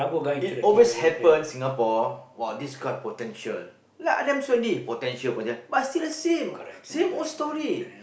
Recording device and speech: boundary microphone, conversation in the same room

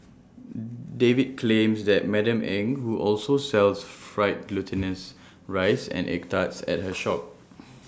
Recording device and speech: standing microphone (AKG C214), read sentence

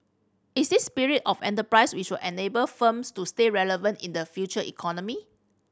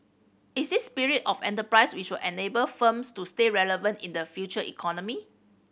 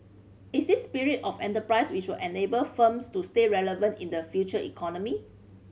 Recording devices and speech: standing microphone (AKG C214), boundary microphone (BM630), mobile phone (Samsung C5010), read sentence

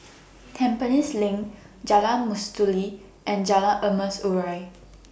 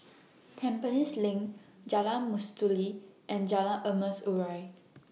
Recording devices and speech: boundary microphone (BM630), mobile phone (iPhone 6), read sentence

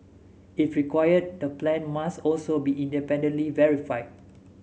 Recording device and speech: mobile phone (Samsung S8), read sentence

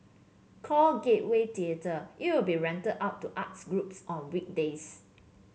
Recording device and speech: mobile phone (Samsung C7), read sentence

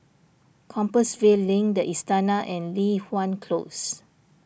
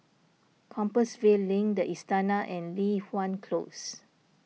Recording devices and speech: boundary microphone (BM630), mobile phone (iPhone 6), read sentence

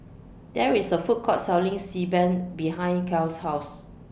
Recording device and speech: boundary microphone (BM630), read sentence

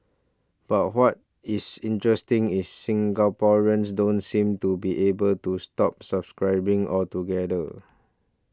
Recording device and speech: standing microphone (AKG C214), read sentence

